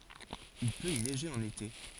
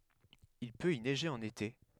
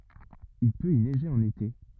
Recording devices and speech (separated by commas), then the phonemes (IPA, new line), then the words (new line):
forehead accelerometer, headset microphone, rigid in-ear microphone, read sentence
il pøt i nɛʒe ɑ̃n ete
Il peut y neiger en été.